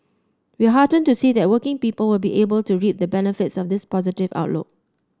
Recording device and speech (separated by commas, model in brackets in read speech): standing microphone (AKG C214), read sentence